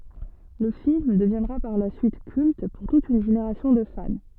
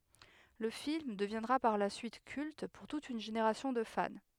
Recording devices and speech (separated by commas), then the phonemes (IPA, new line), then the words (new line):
soft in-ear microphone, headset microphone, read sentence
lə film dəvjɛ̃dʁa paʁ la syit kylt puʁ tut yn ʒeneʁasjɔ̃ də fan
Le film deviendra par la suite culte pour toute une génération de fans.